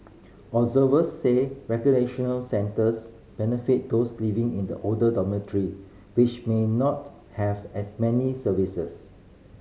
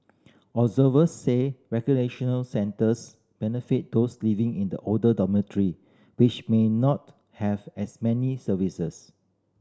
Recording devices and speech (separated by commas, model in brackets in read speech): mobile phone (Samsung C5010), standing microphone (AKG C214), read sentence